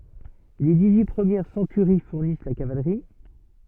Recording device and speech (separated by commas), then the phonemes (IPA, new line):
soft in-ear microphone, read sentence
le diksyi pʁəmjɛʁ sɑ̃tyʁi fuʁnis la kavalʁi